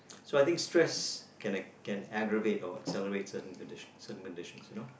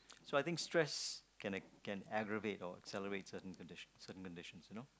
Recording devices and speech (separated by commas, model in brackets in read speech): boundary microphone, close-talking microphone, conversation in the same room